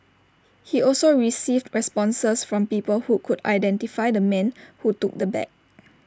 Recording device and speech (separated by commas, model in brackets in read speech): standing microphone (AKG C214), read sentence